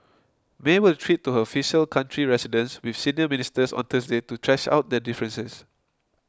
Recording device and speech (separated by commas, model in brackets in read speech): close-talking microphone (WH20), read sentence